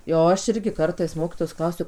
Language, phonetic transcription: Lithuanian, jau ˈaš ˈirgi ˈkartais ˈmokitojos ˈklausiu

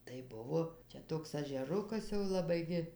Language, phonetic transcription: Lithuanian, tai ˈbuvo ˈčia toks ažeˈrukas jau laˈbai gi

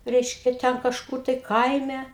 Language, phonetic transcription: Lithuanian, ˈreiškia ˈten kažˈkur tai ˈkaime

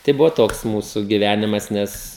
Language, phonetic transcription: Lithuanian, tai ˈbuvo ˈtoks ˈmūsu giˈvænimas ˈnes

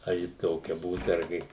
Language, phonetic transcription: Lithuanian, ar ˈji ˈtokia ˈbūt arˈgi

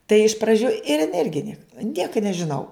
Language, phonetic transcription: Lithuanian, tai iš praˈdžių ir in ˈirgi ˈniek ˈnieka nežiˈnau

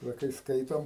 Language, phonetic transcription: Lithuanian, ˈva kai ˈskaitom

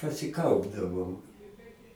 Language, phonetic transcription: Lithuanian, pasiˈkaupdavom

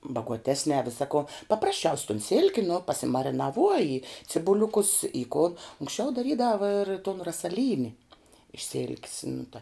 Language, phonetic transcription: Lithuanian, baguoˈtesnē ˈvisa ko paprasˈčiaus' ton ˈsilki nu pasimarinaˈvuoji cibuˈliukus i ku unksˈčiau daˈrydava ir ton rasaˈlyni iš sil'k's nu ta

